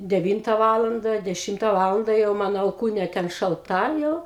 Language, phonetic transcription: Lithuanian, deˈvynta ˈvalanda deˈšimta ˈvalanda jau ˈmano alˈkūnė ˈten šalˈta ˈjau

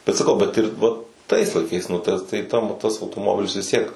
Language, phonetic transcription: Lithuanian, bet saˈkau ˈbet ir ˈva tais laiˈkais nu ˈta tai ˈtam tas autoˈmobilis vis ˈtiek

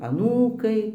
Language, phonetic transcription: Lithuanian, aˈnūkai

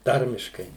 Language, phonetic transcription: Lithuanian, ˈtarmiškai

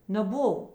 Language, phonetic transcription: Lithuanian, neˈbuv

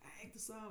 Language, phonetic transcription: Lithuanian, ˈeik tu ˈsau

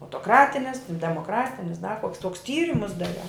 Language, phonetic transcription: Lithuanian, autoˈkratinis demoˈkratinis da koks toks ˈtyrimus daˈriau

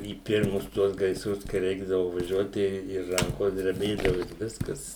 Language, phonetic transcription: Lithuanian, į ˈpirmus ˈtuos gaisˈrus kai ˈreikdavu vaˈžiuot tai i ˈrankos dreˈbėdavu ir ˈviskas

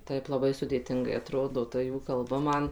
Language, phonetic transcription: Lithuanian, ˈtaip laˈbai sudėˈtingai aˈtrodo ˈta ˈjų ˈkalba ˈman

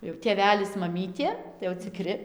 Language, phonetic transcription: Lithuanian, jau tėˈvelis maˈmytė tai jau ciˈkri

